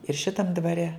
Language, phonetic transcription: Lithuanian, ir ˈšitam dvaˈre

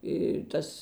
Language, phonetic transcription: Lithuanian, i ˈtas

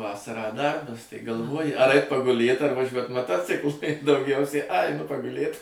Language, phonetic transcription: Lithuanian, ˈvasarą ˈdarbas tai galˈvoji ar ˈait paguˈlėt ar vaˈžiuot maˈtociklu i dauˈgiausiai a aiˈnu paguˈlėt

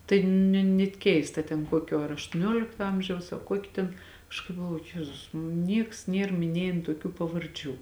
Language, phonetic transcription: Lithuanian, tai ne net ˈkeista ten ˈkuokio ar aštuoˈniolikto ˈamžiaus a ˈkuoki ten ˈaš kaip galˈvoju ˈjezus ˈnieks ˈnier miˈniejėn tuoˈkių pavarˈdžių

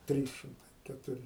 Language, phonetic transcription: Lithuanian, ˈtrys šimˈtai ketuˈri

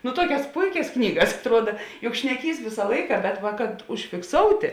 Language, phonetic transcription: Lithuanian, nu ˈtuokias ˈpuikias ˈknygas atˈruoda juk šneˈkys ˈvisa ˈlaika bet ˈva kad užfikˈsoutė

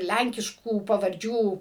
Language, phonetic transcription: Lithuanian, ˈlænkiškų pavarˈdžių

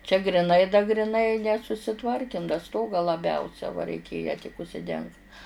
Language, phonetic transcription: Lithuanian, čia griˈnai da griˈnai nesusiˈtvarkim da ˈstogą laˈbiausia va reiˈkėja tik užsiˈdengt

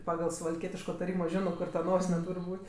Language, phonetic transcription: Lithuanian, ˈpagal suvalˈkietiško taˈrymo ˈžino ˈkur ta ˈnosine ˈtūr' ˈbūt'

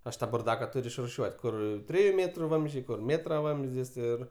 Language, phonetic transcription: Lithuanian, ˈaš ˈtą burˈdaka ˈturiu išruˈšiuot' ˈkur ˈtriju ˈmėtru ˈvamzdžiai ˈkur ˈmėtra ˈvamzdis ˈir

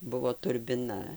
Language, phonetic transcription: Lithuanian, ˈbuvo turbiˈna

